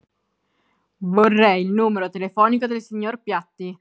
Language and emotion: Italian, angry